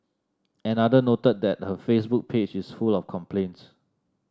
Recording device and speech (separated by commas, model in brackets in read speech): standing microphone (AKG C214), read sentence